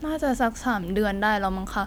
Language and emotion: Thai, frustrated